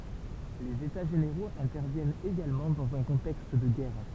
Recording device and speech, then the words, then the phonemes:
temple vibration pickup, read sentence
Les états généraux interviennent également dans un contexte de guerre.
lez eta ʒeneʁoz ɛ̃tɛʁvjɛnt eɡalmɑ̃ dɑ̃z œ̃ kɔ̃tɛkst də ɡɛʁ

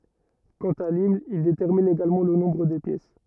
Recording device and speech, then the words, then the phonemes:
rigid in-ear microphone, read sentence
Quant à l'hymne, il détermine également le nombre des pièces.
kɑ̃t a limn il detɛʁmin eɡalmɑ̃ lə nɔ̃bʁ de pjɛs

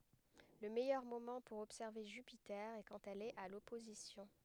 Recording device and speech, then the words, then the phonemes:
headset microphone, read sentence
Le meilleur moment pour observer Jupiter est quand elle est à l'opposition.
lə mɛjœʁ momɑ̃ puʁ ɔbsɛʁve ʒypite ɛ kɑ̃t ɛl ɛt a lɔpozisjɔ̃

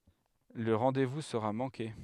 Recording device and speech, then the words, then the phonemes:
headset microphone, read sentence
Le rendez-vous sera manqué.
lə ʁɑ̃devu səʁa mɑ̃ke

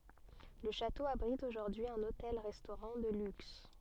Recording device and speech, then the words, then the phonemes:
soft in-ear microphone, read sentence
Le château abrite aujourd'hui un hôtel-restaurant de luxe.
lə ʃato abʁit oʒuʁdyi œ̃n otɛl ʁɛstoʁɑ̃ də lyks

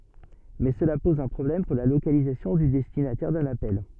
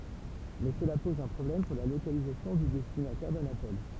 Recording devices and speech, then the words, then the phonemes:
soft in-ear microphone, temple vibration pickup, read sentence
Mais cela pose un problème pour la localisation du destinataire d'un appel.
mɛ səla pɔz œ̃ pʁɔblɛm puʁ la lokalizasjɔ̃ dy dɛstinatɛʁ dœ̃n apɛl

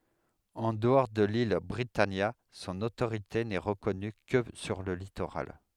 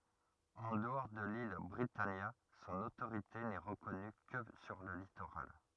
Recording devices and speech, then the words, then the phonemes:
headset microphone, rigid in-ear microphone, read sentence
En dehors de l'île Britannia, son autorité n'est reconnue que sur le littoral.
ɑ̃ dəɔʁ də lil bʁitanja sɔ̃n otoʁite nɛ ʁəkɔny kə syʁ lə litoʁal

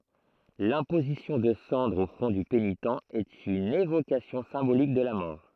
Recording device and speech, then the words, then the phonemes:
throat microphone, read sentence
L'imposition de cendres au front du pénitent est une évocation symbolique de la mort.
lɛ̃pozisjɔ̃ də sɑ̃dʁz o fʁɔ̃ dy penitɑ̃ ɛt yn evokasjɔ̃ sɛ̃bolik də la mɔʁ

